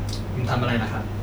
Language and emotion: Thai, neutral